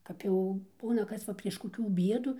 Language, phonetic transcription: Lithuanian, kap ˈjau ˈbūna ˈkas va prieš koˈkių ˈbiedų

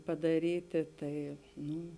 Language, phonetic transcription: Lithuanian, padaˈrytė ˈtai ˈnu

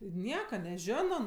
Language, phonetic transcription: Lithuanian, i ˈnieka neˈžiono

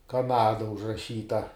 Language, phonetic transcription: Lithuanian, kaˈnada užraˈšyta

